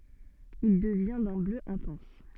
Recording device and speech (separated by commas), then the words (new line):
soft in-ear microphone, read sentence
Il devient d'un bleu intense.